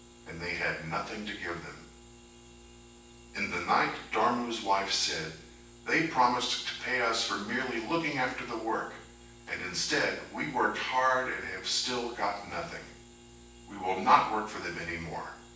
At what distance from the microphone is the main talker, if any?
9.8 m.